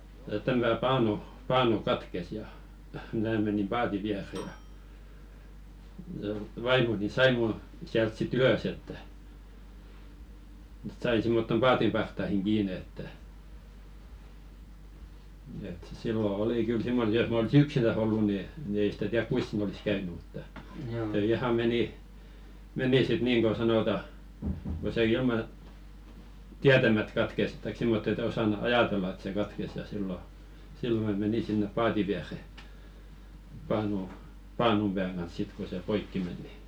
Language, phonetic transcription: Finnish, tää 'täm- pää- 'paanu , "paanu 'katkes ja , 'mää menim 'paati viäre ja , ʲᵃ 'vaimoni "sai mu , siält sit "ylös että , [e]t 'sai simmottom "paatim parttahiŋ 'ɢiine että , et sillo "oli 'kyl simmoⁿ- jos m ‿olsi "yksinäs ‿ollu ni , ni 'ei sᴵtä 'tiärk "kuis siin ‿olis 'käyny mutta , se "iha 'meni , "meni sit 'niiŋ ko 'sanota , ko se ilma , "tiätämät 'katkes taik simmot ‿et 'osanᴜ "ajàtella et se 'katkes ja sillo , 'sillo mä 'meni sinnep "paati 'viäre , paanu , 'paanum ʙääŋ ɢans 'sit ko se "poikki men ni .
- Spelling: tämä - - paanu paanu katkesi ja minä menin paatin viereen ja ja vaimoni sai minun sieltä sitten ylös että että sai semmottoon paatin partaaseen kiinni että että silloin oli kyllä - jos minä olisin yksinään ollut niin niin ei sitä tiedä kuinka siinä olisi käynyt mutta se ihan meni meni sitten niin kuin sanotaan kun se ilman tietämättä katkesi tai semmottoon että osannut ajatella että se katkesi ja silloin silloin minä menin sinne paatin viereen paanun paanun pään kanssa sitten kun se poikki meni niin

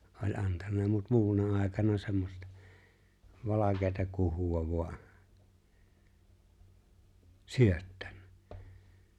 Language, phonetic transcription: Finnish, oĺ '’antanna mut 'mu̬una 'àekana semmosta , 'valakeeta 'kuhu₍a vu̬a , "syöttᴀ̈ɴɴᴀ̈ .
- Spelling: oli antanut mutta muuna aikana semmoista valkeaa kuhua vain syöttänyt

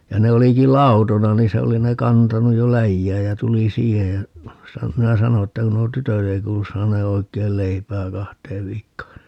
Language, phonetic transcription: Finnish, ja 'ne oliki "lautona nii 'se oli ne 'kantanuj jo "läjjääj jä 'tuli "siihej ja , sa- , minä 'sano että » ku nuo "tytöt ‿ei 'kuulus 'saanee 'oik̀eil "leipää 'kahteev 'viikkoo » .
- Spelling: ja ne olikin lautoina niin se oli ne kantanut jo läjään ja tuli siihen ja - minä sanoin että kun nuo tytöt ei kuulu saaneen oikein leipää kahteen viikkoon

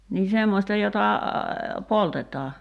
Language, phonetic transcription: Finnish, nii 'semmosta jota , "poltet̀aa ?
- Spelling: niin semmoista jota poltetaan

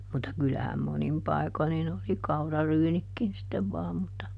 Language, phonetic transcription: Finnish, mutta ˈkylähäm ˈmonim ˈpai̮ko nin ‿oli "kauraryynikkin sittev ˈvaam mutta .
- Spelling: mutta kyllähän monin paikoin niin oli kauraryynitkin sitten vain mutta

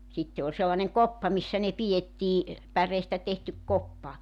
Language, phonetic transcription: Finnish, 'sitte ol sellaneŋ "koppa 'missä ne 'pi₍ettii , 'päreestä tehtyk 'koppa .
- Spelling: sitten oli sellainen koppa missä ne pidettiin päreestä tehty koppa

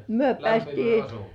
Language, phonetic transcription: Finnish, myö peästii .
- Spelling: me päästiin

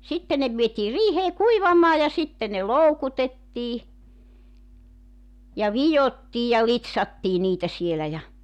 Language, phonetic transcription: Finnish, 'sitte ne vietii "riihee "kuivamaa ja sitte ne "loukutettii , ja "vijottii ja "lit̳s̳§attii niitä sielä ja ,.
- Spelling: sitten ne vietiin riiheen kuivamaan ja sitten ne loukutettiin ja vidottiin ja litsattiin niitä siellä ja

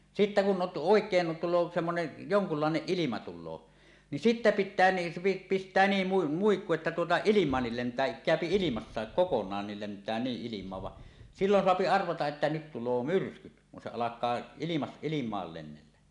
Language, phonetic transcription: Finnish, sittä 'kun ’ot- , "òek̀een tul̆loo semmonen , "joŋkullàeneˀ 'ˀilima tul̆loo , ni "sittä "pittää ni , 'pist̀ää 'niim 'mu- 'muikku että tuota "ilim̀aannil 'lent̀ää , kä̀öpi 'ilimassaek "kokoǹaannil lentää 'niˀ 'ˀilim̀aav va , "sillon 'soapi 'arvataˀ ˀettä nyt tul̆loo "myrskyt , kun se "alak̆kaa ilimas- 'ilim̀aal lennellä .
- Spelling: sitten kun - oikein tulee semmoinen jonkunlainen ilma tulee niin sitten pitää niin pistää niin - muikku että tuota ilmaankin lentää käy ilmassakin kokonaankin lentää niin ilmaan vaan silloin saa arvata että nyt tulee myrskyt kun se alkaa - ilmaan lennellä

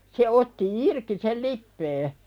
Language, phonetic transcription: Finnish, se otti "irki sel 'lippee .
- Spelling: se otti irti sen lipeän

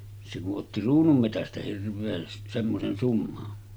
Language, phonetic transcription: Finnish, se ku’ ’otti 'ruunummetästä 'hirv̆veen , 'semmosen summan .
- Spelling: se kun otti kruununmetsästä hirveän semmoisen summan

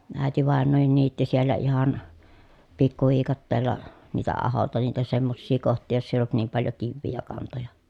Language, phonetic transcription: Finnish, ä̀etivàennoohin niitti siellä ihan , pikkuviikatteella , niitä aholta niitä semmossii koht̆tii joss ‿èij ‿olt niim paljo kivvii ja kantoja .
- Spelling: äitivainajakin niitti siellä ihan pikkuviikatteella niitä ahoilta niitä semmoisia kohtia jos ei ollut niin paljon kiviä ja kantoja

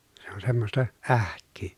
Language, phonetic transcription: Finnish, se on semmosta , ähk̆kyy .
- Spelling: se on semmoista ähkyä

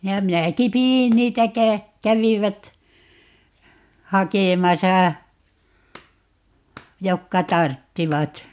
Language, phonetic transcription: Finnish, ja 'minäki "pi₍in 'niitä - 'kä- , 'kävivät , "hakemasa , 'jokka "tarttivat .
- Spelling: ja minäkin pidin niitä - kävivät hakemassa jotka tarvitsivat

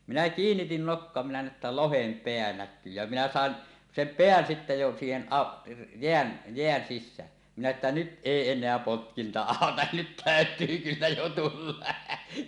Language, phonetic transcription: Finnish, 'minä 'kiinnitin nokkoa minä nä̀e ‿ttä "lohem 'peä "näkkyy jä , 'minä "sàen , "sem "peän sitte jo siihen 'ˀa- , 'jeän , 'jeän 'sis̆sään , minä että 'nyt 'ˀèi en̆neä 'potkinta "àota , 'nyt tä̀öt̀yy kyllä jo tulla .
- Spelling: minä kiinnitin nokkaa minä näin että lohen pää näkyy ja minä saan sen pään sitten jo siihen - jään jään sisään minä että nyt ei enää potkinta auta nyt täytyy kyllä jo tulla

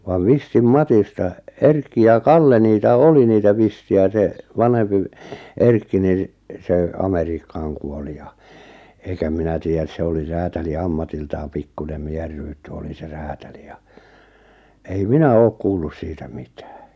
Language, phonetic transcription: Finnish, vav 'Vistim "Matista , "Erkki ja "Kalle 'niitä "oli 'niitä 'Visti₍ä se , 'vanhempi v- , 'Erkki nin̬ , sè 'Ameriikkaaŋ , kuoli ja , eikä 'minä tiijjäs 'se oli 'räätäli 'ammatiltaam 'pikkunem 'mieheʳ rytty oli se 'räätäli ja , ei "minä "ook 'kuullus 'siitä 'mɪtᴀ̈ᴀ̈ .
- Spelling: vai Vistin Matista Erkki ja Kalle niitä oli niitä Vistejä se vanhempi - Erkki niin se Amerikkaan kuoli ja eikä minä tiedä se oli räätäli ammatiltaan pikkuinen miehen rytty oli se räätäli ja ei minä ole kuullut siitä mitään

